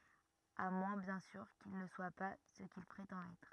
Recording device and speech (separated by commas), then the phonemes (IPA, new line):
rigid in-ear microphone, read sentence
a mwɛ̃ bjɛ̃ syʁ kil nə swa pa sə kil pʁetɑ̃t ɛtʁ